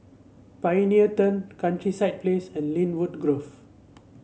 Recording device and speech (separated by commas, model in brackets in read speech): mobile phone (Samsung C7), read sentence